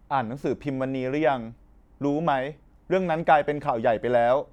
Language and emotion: Thai, frustrated